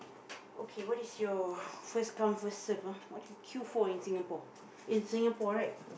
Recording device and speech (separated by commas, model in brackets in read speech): boundary microphone, conversation in the same room